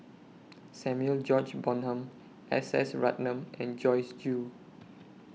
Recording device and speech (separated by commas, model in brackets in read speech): mobile phone (iPhone 6), read sentence